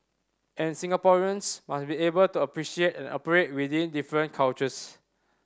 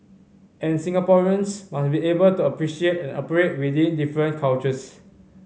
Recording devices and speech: standing microphone (AKG C214), mobile phone (Samsung C5010), read sentence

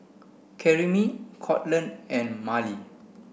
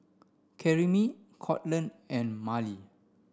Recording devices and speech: boundary microphone (BM630), standing microphone (AKG C214), read sentence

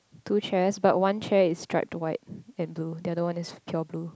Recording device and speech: close-talking microphone, conversation in the same room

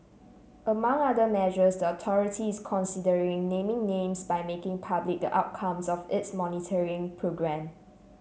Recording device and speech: mobile phone (Samsung C7), read sentence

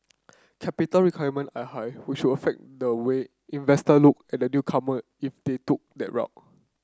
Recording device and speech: close-talking microphone (WH30), read sentence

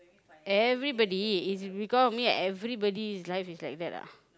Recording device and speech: close-talking microphone, conversation in the same room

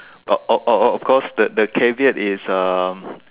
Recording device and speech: telephone, conversation in separate rooms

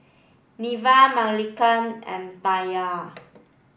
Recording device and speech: boundary microphone (BM630), read sentence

